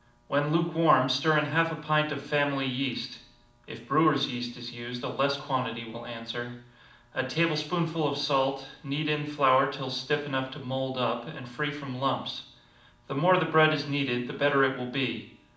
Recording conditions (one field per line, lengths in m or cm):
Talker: one person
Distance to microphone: 2.0 m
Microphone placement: close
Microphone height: 99 cm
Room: medium-sized (5.7 m by 4.0 m)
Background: none